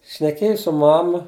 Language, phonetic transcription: Lithuanian, šneˈkėju su ˈmama

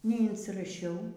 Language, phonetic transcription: Lithuanian, neinsiraˈšiau

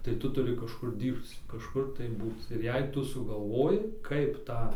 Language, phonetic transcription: Lithuanian, tai ˈtu tuˈri kažˈkur ˈdyrbc kažˈkur tai ˈbūc ir ˈjei ˈtu sugalˈvoji ˈkaip ˈtą

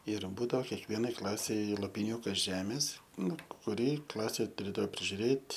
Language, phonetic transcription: Lithuanian, ir ˈbūdao kekˈvienai ˈklasei lopiˈniūkas ˈžemės ˈnu kuˈri ˈklasė tuˈrėdavo prižiuˈrėt'

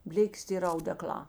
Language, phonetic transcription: Lithuanian, ˈblėkės ta ˈyr audeˈklā

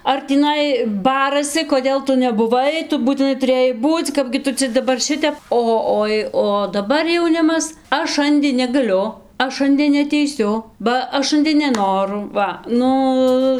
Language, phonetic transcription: Lithuanian, ar tįˈnai ˈbarasi koˈdėl ˈtu nebuˈvai ˈtu būtiˈnai tuˈrėjai ˈbūc' ˈkapgi ˈtu cia daˈbar ˈšitep ˈo ˈoi o daˈbar jauˈnimas ˈaš ˈšandė negaˈliu ˈaš ˈšandė neateiˈsiu ba ˈaš ˈšandė neˈnoru ˈva ˈnu

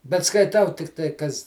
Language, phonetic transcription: Lithuanian, bet skaiˈtau ˈtiktai ˈkas

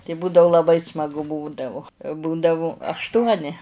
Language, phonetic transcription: Lithuanian, tai ˈbūdau laˈbai smaˈgu ˈbūdavu ˈbūdavu ašˈtuoni

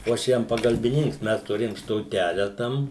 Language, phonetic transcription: Lithuanian, o ˈaš ˈjam pagalbiˈninks ˈmes tuˈrėjom stoˈtele ˈtam

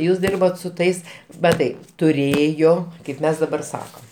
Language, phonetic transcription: Lithuanian, ˈjūs ˈdirbot su ˈtais maˈtai tuˈrėjo kaip ˈmes daˈbar ˈsakam

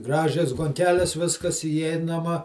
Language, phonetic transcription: Lithuanian, ˈgražias gonˈkeles ˈviskas įˈeinama

